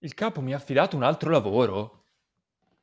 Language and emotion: Italian, surprised